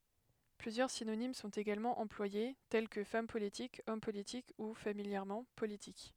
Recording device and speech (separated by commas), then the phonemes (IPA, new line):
headset microphone, read sentence
plyzjœʁ sinonim sɔ̃t eɡalmɑ̃ ɑ̃plwaje tɛl kə fam politik ɔm politik u familjɛʁmɑ̃ politik